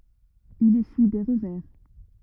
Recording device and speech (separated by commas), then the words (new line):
rigid in-ear microphone, read sentence
Il essuie des revers.